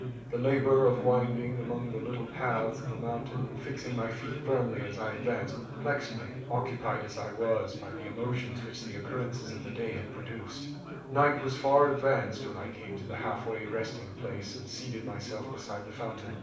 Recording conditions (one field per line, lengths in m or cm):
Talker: one person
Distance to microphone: 5.8 m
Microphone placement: far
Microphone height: 1.8 m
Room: medium-sized (5.7 m by 4.0 m)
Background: babble